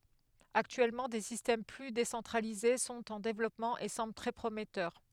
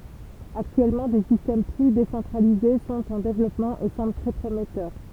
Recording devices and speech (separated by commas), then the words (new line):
headset microphone, temple vibration pickup, read sentence
Actuellement, des systèmes plus décentralisés sont en développement et semblent très prometteurs.